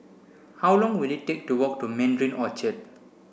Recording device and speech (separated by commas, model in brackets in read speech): boundary microphone (BM630), read sentence